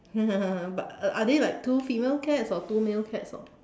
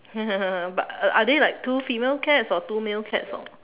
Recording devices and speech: standing microphone, telephone, conversation in separate rooms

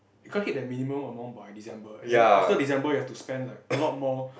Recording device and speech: boundary microphone, conversation in the same room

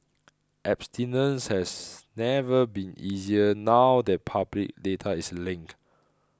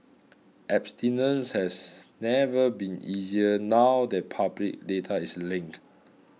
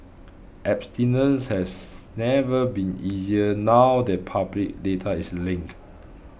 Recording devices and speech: close-talking microphone (WH20), mobile phone (iPhone 6), boundary microphone (BM630), read sentence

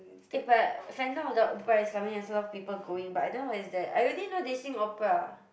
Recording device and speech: boundary microphone, conversation in the same room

